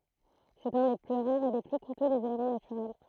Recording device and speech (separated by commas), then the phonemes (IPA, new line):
throat microphone, read sentence
sɛt œ̃ de ply ʁaʁz e de ply kutø dez elemɑ̃ natyʁɛl